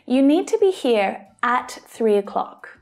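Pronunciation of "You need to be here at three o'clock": The small word 'at' is stressed, which adds emphasis to 'at three o'clock'.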